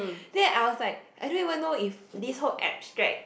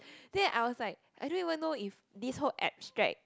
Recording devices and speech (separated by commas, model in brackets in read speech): boundary microphone, close-talking microphone, conversation in the same room